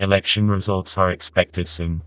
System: TTS, vocoder